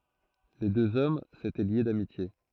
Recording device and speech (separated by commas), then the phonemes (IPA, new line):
throat microphone, read sentence
le døz ɔm setɛ lje damitje